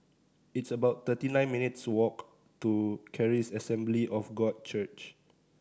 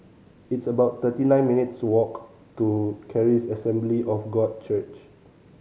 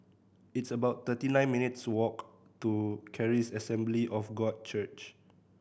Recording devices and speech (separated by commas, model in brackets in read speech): standing microphone (AKG C214), mobile phone (Samsung C5010), boundary microphone (BM630), read sentence